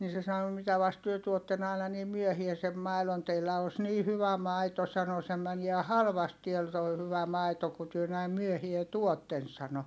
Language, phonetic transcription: Finnish, nii se sano » mitä vast työ tuotten ‿ài̮na niim̆ myöhiä sem mailon - teillä os nii hyvä maito » sano » se mäniä halvast tiäl toi hyvä maito ku työ näim myöhie tuotten » sano .
- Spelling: niin se sanoi mitä vasten te tuotte aina niin myöhään sen maidon teillä on niin hyvä maito sanoi se menee halvasti täällä tuo hyvä maito kun te näin myöhään tuotte sanoi

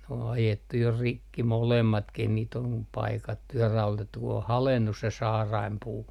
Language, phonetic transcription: Finnish, n ‿o ajettu jo "rikki 'molemmatkih niit ‿om 'paikattu ja 'raulotettu ku o "halennus se 'saaraimpuu .
- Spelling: ne on ajettu jo rikki molemmatkin niitä on paikattu ja raudoitettu kun on haljennut se saarainpuu

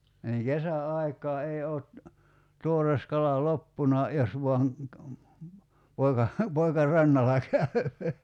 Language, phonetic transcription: Finnish, niiŋ 'kesä₍'aik̀aa 'ei oot , 'tuores 'kala 'loppuna , 'jos vuaŋ , 'poika , 'poika "rannala käy̬ .
- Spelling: niin kesäaikaan ei ole tuore kala loppunut jos vain poika poika rannalla käy

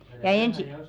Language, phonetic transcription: Finnish, ja 'ensi- .
- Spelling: ja -

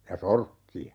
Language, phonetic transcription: Finnish, ja "sorkki₍a .
- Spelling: ja sorkkia

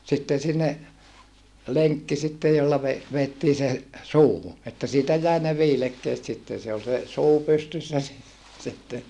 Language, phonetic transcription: Finnish, sitten̬ sinne , leŋkki sittej jolla ve- , veettii se , suuhu , että siitä jäi ne viilekkeet sitten̬ se ol se , suu pystyssä si - , sitten .
- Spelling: sitten sinne lenkki sitten jolla - vedettiin se suuhun että siitä jäi ne viilekkeet sitten se oli se suu pystyssä - sitten

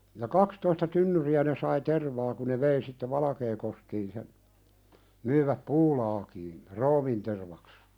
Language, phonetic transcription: Finnish, ja "kakstoista 'tynnyri₍ä ne sai "tervaa ku ne 'vei sitte "Valakeekoskiin sen , 'myⁱväp "puulaakiin , "roomintervaks .
- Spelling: ja kaksitoista tynnyriä ne sai tervaa kun ne vei sitten Valkeakoskeen sen myivät puulaakiin ruumiintervaksi

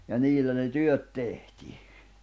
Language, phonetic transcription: Finnish, ja 'niillä ne "työt 'tehti .
- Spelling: ja niillä ne työt tehtiin

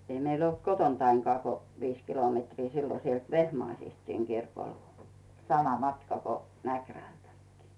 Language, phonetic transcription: Finnish, 'ei meil ‿olt "kotontaiŋkᵒà ko 'viis kilometrii 'sillo sielt "Vehmaisist siŋ 'kirkol , 'sama 'matka ko , 'Mäkrältäkkɪɪ .
- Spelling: ei meillä ollut kotoanikaan kuin viisi kilometriä silloin sieltä Vehmaisista sinne kirkolle sama matka kuin Mäkrältäkin

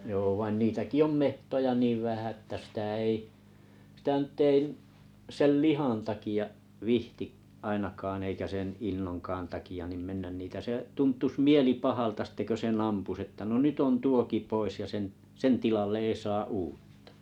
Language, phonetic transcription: Finnish, joo vain 'niitäki "om "mehtoja 'niiv 'vähä ᵊttä 'sitä 'ei , sⁱtä 'nʸt' ‿ᵉi , 'sel "lihan 'takia’ , 'vihti’ , 'ainakaan ‿eikä 'sen 'innoŋkaan taki₍a 'nim 'mennän 'nitiä se 'tunt̳̀us "mieli 'pahalta sitte kö 'sen"n ‿ampus että 'nyt'ʸ ‿on "tuoki 'pois ja sen , "sen 'tilalle ei 'saa "uuttᴀ .
- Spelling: joo vaan niitäkin on metsoja niin vähän että sitä ei sitä nyt ei sen lihan takia viitsi ainakaan eikä sen innonkaan takia niin mennä niitä se tuntuisi mieli pahalta sitten kun sen ampuisi että nyt on tuokin pois ja sen sen tilalle ei saa uutta

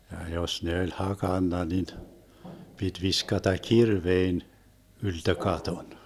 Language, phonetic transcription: Finnish, ja 'jos ne 'oĺ "hakanna nin , 'pit 'viskata "kirvein , 'yltö "katon .
- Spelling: ja jos ne oli hakannut niin piti viskata kirveen ylttö katon

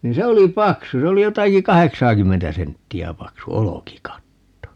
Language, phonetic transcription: Finnish, ni "se oli "paksu - se 'oli 'jotaki "kaheksaakymmentä 'sentti₍ä 'paksu "olokikatto .
- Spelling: niin se oli paksu se oli jotakin kahdeksaakymmentä senttiä paksu olkikatto

